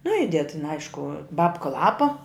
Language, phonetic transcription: Lithuanian, nu ˈided tin ˈaišku ˈbapka ˈlapa

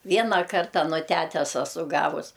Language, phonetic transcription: Lithuanian, ˈviena ˈkarta nu ˈtætes aˈsu ˈgavus

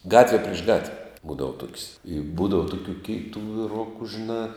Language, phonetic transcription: Lithuanian, ˈgatve priš ˈgatve ˈbūdava tuok's' i ˈbūdava ˈtukių ˈkėitu viˈruku žiˈnā

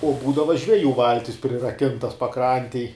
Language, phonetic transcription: Lithuanian, o ˈbūdava žveˈjų ˈvaltis priraˈkintas paˈkrantėj

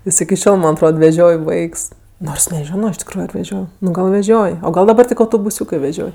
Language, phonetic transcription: Lithuanian, ˈjis iki ˈšiol ˈman' atˈrod veˈžioj ˈvaiks ˈnors neˈžiono iš tikˈrųju ar veˈžioj nu ˈgal veˈžioj o ˈgal daˈbar ˈtik autobuˈsiūkɜ veˈžioj

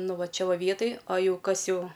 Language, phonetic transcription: Lithuanian, ˈnu ˈva ˈčia ˈva ˈvietaj a ˈjau ˈkas ˈjau

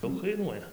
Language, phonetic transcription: Lithuanian, ˈdaug kaiˈnuoja

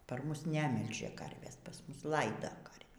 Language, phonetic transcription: Lithuanian, par ˈmus ˈnemilžia ˈkarvės par ˈmus ˈlaida karvį

